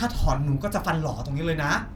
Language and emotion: Thai, neutral